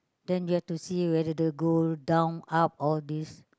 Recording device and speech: close-talking microphone, conversation in the same room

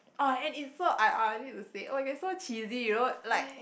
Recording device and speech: boundary microphone, conversation in the same room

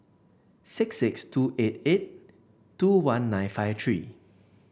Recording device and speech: boundary microphone (BM630), read sentence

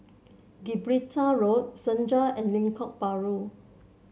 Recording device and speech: mobile phone (Samsung C7), read sentence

